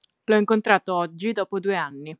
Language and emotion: Italian, neutral